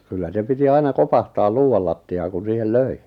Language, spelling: Finnish, kyllä se piti aina kopahtaa luudalla lattiaan kun siihen löi
- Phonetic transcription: kyllä 'se piti 'aina 'kopahtaal 'luuʷal latti₍aaᵑ kun̬ 'siihel "löi .

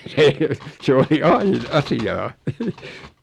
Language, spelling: Finnish, se se oli aina asiaa
- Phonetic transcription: se , 'se oli "ain 'asi₍aa .

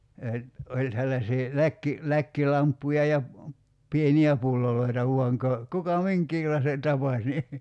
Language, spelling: Finnish, ja oli sellaisia - läkkilamppuja ja pieniä pulloja vain - kuka minkäkinlaisen tapasi niin
- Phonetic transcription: ja , 'oĺ sellasii , 'läkki- , 'läkkilamppuja ja , 'pieni₍ä 'pulloloita vuaŋ ka- , 'kuka "miŋk̀iilaise , 'tapaś ni ,.

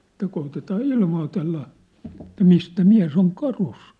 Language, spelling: Finnish, että koetetaan ilmoitella että mistä mies on karussa
- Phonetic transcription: ᵉt̆tä 'kootetaa "ilmootella , että 'mistä "miä̭s ‿oŋ "karus . «

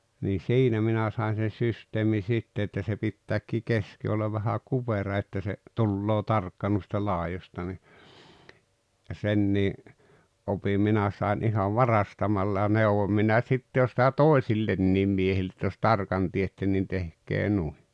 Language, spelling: Finnish, niin siinä minä sain sen systeemin sitten että se pitääkin keski olla vähän kupera että se tulee tarkka noista laidoista niin senkin opin minä sain ihan varastamalla ja neuvoin minä sitten jo sitä toisille miehille että jos tarkan teette niin tehkää noin
- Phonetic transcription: nii "siinä 'minä saen̬ sen̬ 'syst̀eemin̬ 'sitte että se 'pittääk̆kii "keski ollav vähä "kupera että se , "tulloo "tarkka nuista 'laajosta ni , 'sennii , ’opim 'minä sai̬n 'ihav "varastamalla ja 'neovom minä 'sitte jo sⁱtä "tòesillenniim 'miehill ‿etᵗᵃ̈ jos "tarkan tietten nin 'tehk̀ee nui .

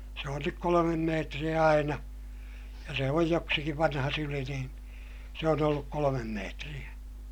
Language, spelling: Finnish, se on nyt kolme metriä aina ja se on joksikin vanha syli niin se on ollut kolme metriä
- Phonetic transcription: se on nyk kolomem meetriʲä aina , ja se oj joksikiv vanha syli niin , se on ‿olluk kolomem meetriʲä .

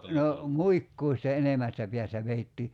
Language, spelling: Finnish, no muikkua sitä enemmästä päästä vedettiin
- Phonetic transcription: no , 'muikkuu sitä "enemästä piästä 'veittii .

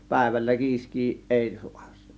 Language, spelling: Finnish, päivällä kiiskeä ei saa se
- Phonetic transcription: 'pä̀ėvällä "kiisk̆kii "ˀèi 'sUAs (sE)

